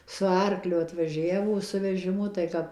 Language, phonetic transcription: Lithuanian, su ˈarkliu atvaˈžiavo su vežiˈmu tai ˈkap

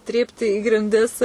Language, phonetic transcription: Lithuanian, ˈtrypti į grinˈdis

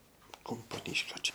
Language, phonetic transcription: Lithuanian, kumpoˈnyškio ˈčia

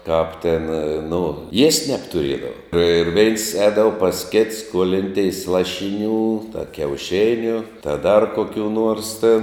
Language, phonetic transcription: Lithuanian, kap tin nu iest' nebtuˈriedava ir veins ˈēdava pas kits skuolinˈteis ˈlašinių ta kiauˈšiniu ta dar koˈkių nuors tin

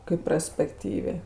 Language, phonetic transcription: Lithuanian, kaip praspekˈtyvė

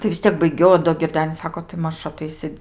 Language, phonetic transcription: Lithuanian, tai vis ˈtiek baiˈgiau o do girˈdenis ˈsako tai ˈmaž aˈtaisi

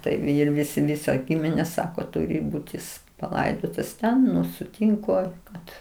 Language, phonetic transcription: Lithuanian, ˈtai ˈir ˈvisi ˈvisa ˈgiminė ˈsako ˈturi ˈbūt jis paˈlaidotas ˈten nu sutynˈku kad

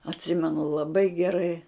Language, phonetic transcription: Lithuanian, atˈsimenu laˈbai geˈrai

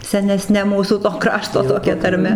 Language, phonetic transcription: Lithuanian, seneˈsne ˈmūsų to ˈkrašto toˈkia tarˈme

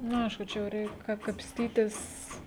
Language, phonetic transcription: Lithuanian, ˈnu ˈaišku ˈčia jau ˈreik ka kapsˈtytis

